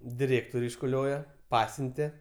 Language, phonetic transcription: Lithuanian, diˈrėktor' iškuˈlioje ˈpasiunte

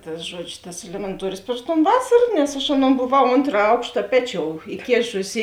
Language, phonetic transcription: Lithuanian, ˈtas ˈžuodžiu tas elemenˈtuorius priš ton ˈvasar nes aš ˈaˌnon boˈvau ˈontra ˈaukšta ˈpeˌčiou iˈkėšusi

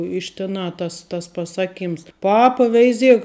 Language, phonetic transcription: Lithuanian, iš tiˈnā ˈtas tas paˈsaˌkyms ˈpapa ˈveiˌziek

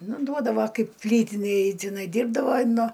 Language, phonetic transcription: Lithuanian, ˈnu ˈduodava ˈkaip ˈplytinėj tiˈnai ˈdyrbdavai ˈnu

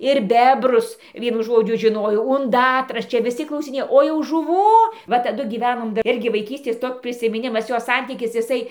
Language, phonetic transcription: Lithuanian, ir ˈbebrus ˈvienu ˈžodžiu žiˈnojo unˈdatras ˈčia viˈsi klausiˈnėjo o jau žuˈvų ˈva taˈdu gyˈvenom ˈirgi vaiˈkystės ˈtok' prisimiˈnimas ˈjo ˈsantykis iˈsai

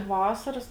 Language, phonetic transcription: Lithuanian, ˈvasaras

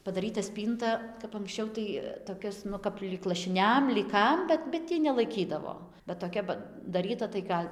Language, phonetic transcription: Lithuanian, padaˈryta ˈspynta kap anksˈčiau tai toˈkias ˈnu kap lyg lašiˈniam lyg ˈkam ˈbet bet ˈtį nelaiˈkydavo bet toˈkia padaˈryta tai ˈgal'

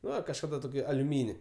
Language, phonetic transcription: Lithuanian, ˈnu ir kažˈkada toˈkį aliuˈmyni

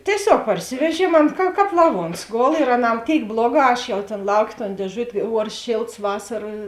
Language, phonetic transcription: Lithuanian, tieˈsiog parˈsiveˌžiem ˈan ka ˈkāp laˈvuons ˈgol ir aˈnā ˈtėik ˈbloˌgā ˈaš jau tėn ˈlauˌkė ton dėˈžut' ˈuors ˈšėlts ˈvasara

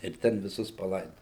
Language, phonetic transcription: Lithuanian, ir ˈten viˈsus paˈlaidojo

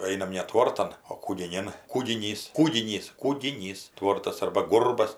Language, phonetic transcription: Lithuanian, ˈainam ne ˈtvortam o kūgiˈnin kūgiˈnys ˈkūginys kūgiˈnys ˈtvortas ˈarba ˈgurbas

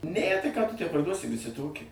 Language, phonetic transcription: Lithuanian, næ tai ką tu tę parˈduosi viˈsi ˈtoki

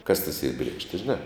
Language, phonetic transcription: Lithuanian, kas tas yr ˈbriekšti žiˈnā

